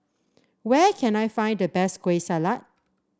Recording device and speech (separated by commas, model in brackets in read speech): standing microphone (AKG C214), read sentence